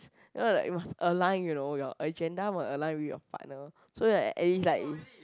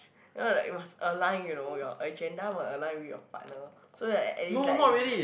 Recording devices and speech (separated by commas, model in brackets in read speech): close-talking microphone, boundary microphone, conversation in the same room